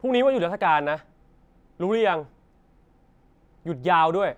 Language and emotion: Thai, angry